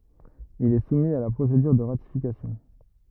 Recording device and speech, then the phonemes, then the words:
rigid in-ear microphone, read sentence
il ɛ sumi a la pʁosedyʁ də ʁatifikasjɔ̃
Il est soumis à la procédure de ratification.

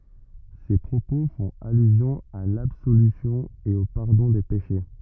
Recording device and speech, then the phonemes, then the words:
rigid in-ear microphone, read sentence
se pʁopo fɔ̃t alyzjɔ̃ a labsolysjɔ̃ e o paʁdɔ̃ de peʃe
Ces propos font allusion à l'absolution et au pardon des péchés.

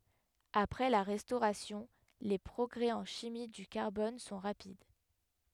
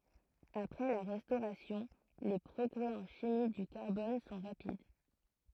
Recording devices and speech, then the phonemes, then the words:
headset microphone, throat microphone, read sentence
apʁɛ la ʁɛstoʁasjɔ̃ le pʁɔɡʁɛ ɑ̃ ʃimi dy kaʁbɔn sɔ̃ ʁapid
Après la Restauration, les progrès en chimie du carbone sont rapides.

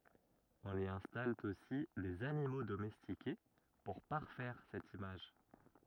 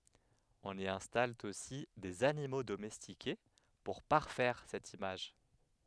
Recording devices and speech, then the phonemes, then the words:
rigid in-ear microphone, headset microphone, read sentence
ɔ̃n i ɛ̃stal osi dez animo domɛstike puʁ paʁfɛʁ sɛt imaʒ
On y installe aussi des animaux domestiqués pour parfaire cette image.

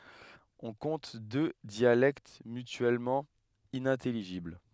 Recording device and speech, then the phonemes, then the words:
headset microphone, read sentence
ɔ̃ kɔ̃t dø djalɛkt mytyɛlmɑ̃ inɛ̃tɛliʒibl
On compte deux dialectes mutuellement inintelligibles.

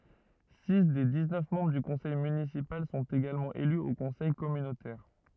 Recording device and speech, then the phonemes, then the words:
rigid in-ear microphone, read sentence
si de diksnœf mɑ̃bʁ dy kɔ̃sɛj mynisipal sɔ̃t eɡalmɑ̃ ely o kɔ̃sɛj kɔmynotɛʁ
Six des dix-neuf membres du conseil municipal sont également élus au conseil communautaire.

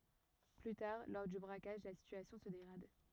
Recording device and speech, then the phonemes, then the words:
rigid in-ear microphone, read sentence
ply taʁ lɔʁ dy bʁakaʒ la sityasjɔ̃ sə deɡʁad
Plus tard, lors du braquage, la situation se dégrade.

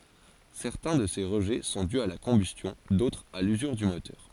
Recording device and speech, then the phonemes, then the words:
forehead accelerometer, read sentence
sɛʁtɛ̃ də se ʁəʒɛ sɔ̃ dy a la kɔ̃bystjɔ̃ dotʁz a lyzyʁ dy motœʁ
Certains de ces rejets sont dus à la combustion, d'autres à l'usure du moteur.

